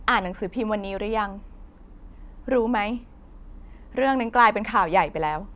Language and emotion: Thai, frustrated